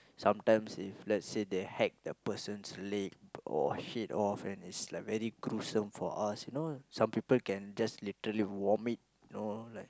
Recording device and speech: close-talking microphone, conversation in the same room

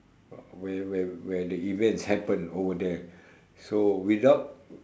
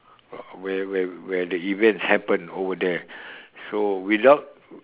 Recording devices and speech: standing microphone, telephone, conversation in separate rooms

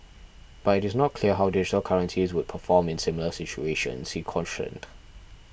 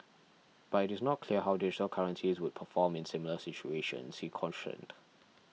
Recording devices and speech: boundary microphone (BM630), mobile phone (iPhone 6), read sentence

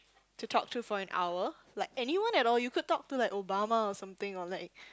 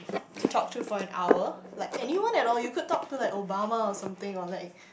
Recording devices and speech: close-talking microphone, boundary microphone, conversation in the same room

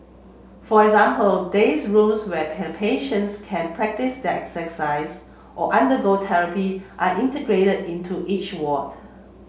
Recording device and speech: mobile phone (Samsung C7), read sentence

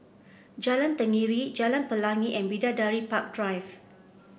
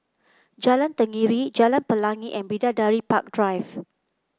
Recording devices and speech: boundary microphone (BM630), close-talking microphone (WH30), read sentence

